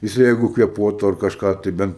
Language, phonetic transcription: Lithuanian, jiˈsai ˈjeigu kvėˈpuotu ar kažˈką tai ˈbent

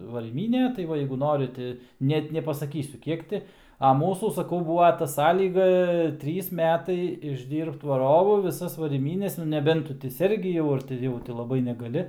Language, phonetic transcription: Lithuanian, varyˈmynė tai ˈva jeigu ˈnori ti ˈnet nepasaˈkysiu ˈkiek ti a ˈmūsų saˈkau ˈbūva ta ˈsąlyga ˈtrys ˈmetai išˈdyrbt vaˈrovu viˈsas varyˈmynes nu neˈbent ˈtu ti ˈsergi jau ar ti ˈjau ti laˈbai negaˈli

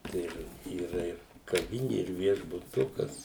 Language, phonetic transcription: Lithuanian, ˈtai ir yˈra ir kaˈvini ir viešbuˈtukas

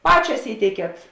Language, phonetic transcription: Lithuanian, ˈpačias ˈįteikiet

